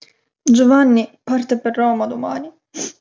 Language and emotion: Italian, sad